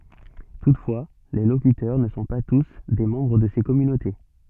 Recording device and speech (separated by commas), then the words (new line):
soft in-ear microphone, read sentence
Toutefois, les locuteurs ne sont pas tous des membres de ces communautés.